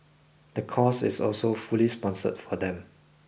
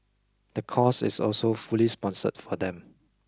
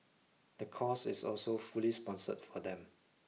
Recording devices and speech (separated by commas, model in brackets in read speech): boundary microphone (BM630), close-talking microphone (WH20), mobile phone (iPhone 6), read sentence